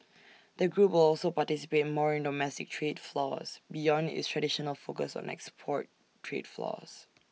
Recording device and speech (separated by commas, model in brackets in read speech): mobile phone (iPhone 6), read sentence